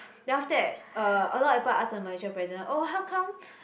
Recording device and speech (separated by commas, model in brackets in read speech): boundary microphone, conversation in the same room